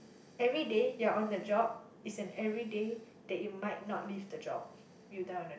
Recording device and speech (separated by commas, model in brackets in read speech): boundary microphone, conversation in the same room